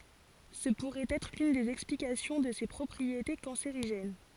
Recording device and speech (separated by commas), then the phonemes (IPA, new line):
forehead accelerometer, read sentence
sə puʁɛt ɛtʁ lyn dez ɛksplikasjɔ̃ də se pʁɔpʁiete kɑ̃seʁiʒɛn